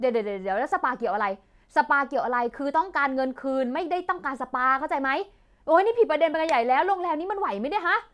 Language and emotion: Thai, angry